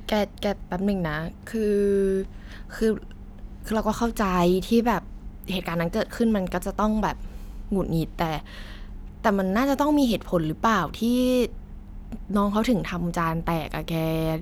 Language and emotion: Thai, frustrated